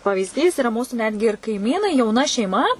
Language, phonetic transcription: Lithuanian, pavyzˈdys iˈra ˈmūsu ˈnetgi ir kaiˈmynai jauˈna šeiˈma

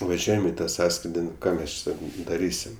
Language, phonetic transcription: Lithuanian, vaˈžiuojam i ta ˈsąskridi nu ˈką ˈmes ˈčia ˈsakau daˈrysim

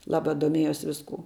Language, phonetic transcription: Lithuanian, ˈlaba doˈmiejus visˈkū

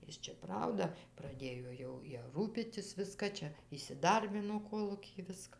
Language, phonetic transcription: Lithuanian, ˈjis čia ˈprauda praˈdėjo jau ˈja ˈrūpytis ˈviska ˈčia įsiˈdarbino ˈkolūkij ˈviska

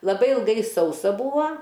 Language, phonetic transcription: Lithuanian, laˈbai ilˈgai ˈsausa ˈbūa

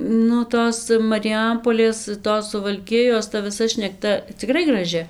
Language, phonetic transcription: Lithuanian, nu ˈtos mariˈjampolės ˈtos suvalˈkijos ta viˈsa šnekˈta ciˈkrai graˈži

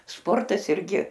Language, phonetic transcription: Lithuanian, ˈsportas irˈgi

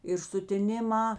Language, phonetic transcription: Lithuanian, ir sutiˈniˌmā

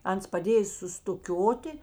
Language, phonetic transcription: Lithuanian, ˈans paˈdėj sustuˈkioti

